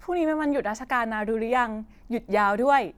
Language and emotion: Thai, happy